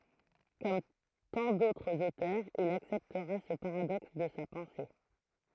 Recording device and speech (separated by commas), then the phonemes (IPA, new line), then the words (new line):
throat microphone, read sentence
kɔm tɑ̃ dotʁz otœʁz il aksɛptʁa sə paʁadɔks də sa pɑ̃se
Comme tant d'autres auteurs, il acceptera ce paradoxe de sa pensée.